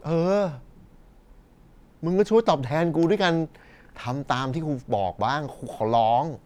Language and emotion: Thai, frustrated